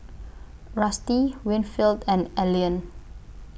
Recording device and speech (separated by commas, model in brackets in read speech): boundary microphone (BM630), read sentence